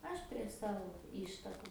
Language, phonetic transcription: Lithuanian, ˈaš prie ˈsavo ˈištaku

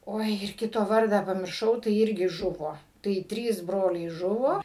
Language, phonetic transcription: Lithuanian, ˈoi ir ˈkito ˈvardą pamirˈšau tai ˈirgi ˈžuvo tai ˈtrys ˈbroliai ˈžuvo

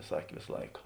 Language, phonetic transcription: Lithuanian, ˈsakė ˈvėsa ˈlaika

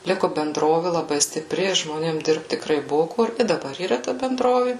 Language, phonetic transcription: Lithuanian, ˈliku benˈdrovi laˈbai stiˈpri žmoˈnėm ˈdirbt tikˈrai ˈbuvu ˈkur i daˈbar yˈra ta benˈdrovi

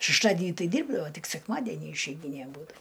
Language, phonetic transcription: Lithuanian, šešˈtadinį ˈtai ˈdyrbdavo ˈtik sekˈmadenį išeiˈgynė ˈbūda

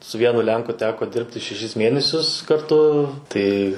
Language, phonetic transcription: Lithuanian, su ˈvienu ˈlenku ˈteko ˈdirbti šeˈšis ˈmienesius karˈtu ˈtai

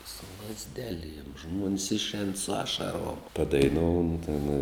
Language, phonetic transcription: Lithuanian, su lazˈdeˌliem žmuons išˈēn su ˈašaˌruom padaiˈnūn tin

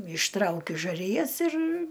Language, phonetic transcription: Lithuanian, išˈtraukiu žaˈrijas ir

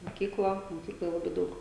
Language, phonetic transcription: Lithuanian, moˈkykla moˈkykloj ˈlabai ˈdaug

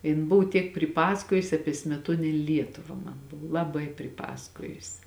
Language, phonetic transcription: Lithuanian, ˈjin ˈbuvu tiek priˈpasakojusi ˈapie smeˈtuonėn' ˈlietuva ˈman ˈbuvu laˈbai priˈpasakojusi

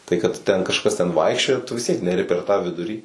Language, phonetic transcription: Lithuanian, ˈtai kad ˈten kažˈkas ten ˈvaikščioja tu vis ˈtiek neˈri per tą ˈvidurį

